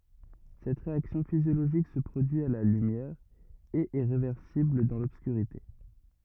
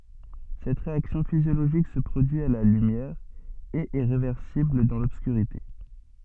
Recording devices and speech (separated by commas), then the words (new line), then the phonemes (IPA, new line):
rigid in-ear microphone, soft in-ear microphone, read sentence
Cette réaction physiologique se produit à la lumière, et est réversible dans l'obscurité.
sɛt ʁeaksjɔ̃ fizjoloʒik sə pʁodyi a la lymjɛʁ e ɛ ʁevɛʁsibl dɑ̃ lɔbskyʁite